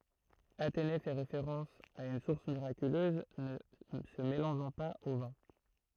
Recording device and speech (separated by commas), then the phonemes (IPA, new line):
throat microphone, read sentence
atene fɛ ʁefeʁɑ̃s a yn suʁs miʁakyløz nə sə melɑ̃ʒɑ̃ paz o vɛ̃